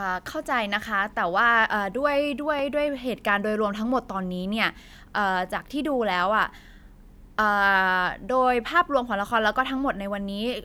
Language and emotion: Thai, frustrated